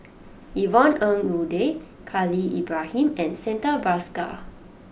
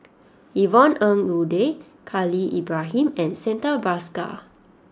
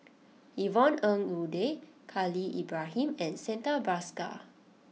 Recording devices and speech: boundary microphone (BM630), standing microphone (AKG C214), mobile phone (iPhone 6), read sentence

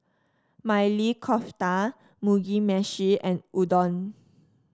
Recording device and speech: standing microphone (AKG C214), read sentence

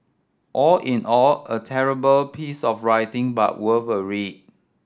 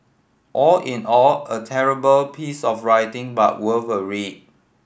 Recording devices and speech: standing microphone (AKG C214), boundary microphone (BM630), read sentence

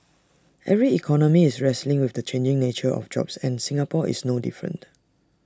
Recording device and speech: standing microphone (AKG C214), read sentence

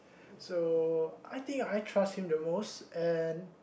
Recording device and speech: boundary microphone, conversation in the same room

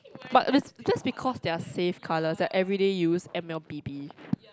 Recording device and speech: close-talking microphone, conversation in the same room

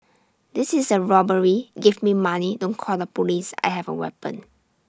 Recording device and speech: standing microphone (AKG C214), read sentence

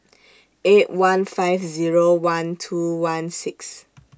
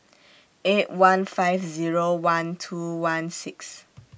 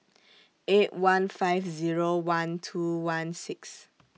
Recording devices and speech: standing microphone (AKG C214), boundary microphone (BM630), mobile phone (iPhone 6), read sentence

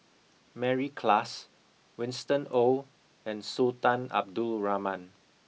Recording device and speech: mobile phone (iPhone 6), read sentence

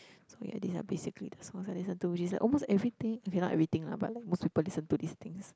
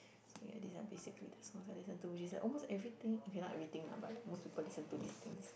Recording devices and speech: close-talking microphone, boundary microphone, conversation in the same room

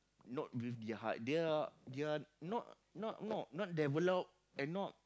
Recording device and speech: close-talking microphone, conversation in the same room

